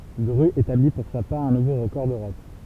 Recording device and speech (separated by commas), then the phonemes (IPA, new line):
temple vibration pickup, read sentence
dʁy etabli puʁ sa paʁ œ̃ nuvo ʁəkɔʁ døʁɔp